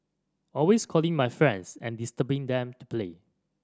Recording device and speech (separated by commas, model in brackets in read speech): standing microphone (AKG C214), read sentence